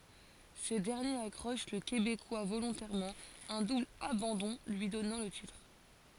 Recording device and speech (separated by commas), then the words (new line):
forehead accelerometer, read sentence
Ce dernier accroche le Québécois volontairement, un double abandon lui donnant le titre.